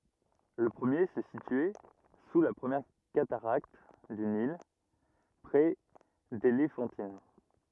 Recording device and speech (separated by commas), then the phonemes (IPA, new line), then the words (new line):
rigid in-ear microphone, read sentence
lə pʁəmje sə sityɛ su la pʁəmjɛʁ kataʁakt dy nil pʁɛ delefɑ̃tin
Le premier se situait sous la première cataracte du Nil, près d'Éléphantine.